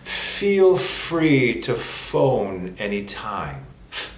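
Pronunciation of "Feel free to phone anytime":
'Feel free to phone anytime' is said nice and slow, with the f sounds emphasized.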